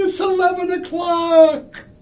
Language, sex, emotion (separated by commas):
English, male, happy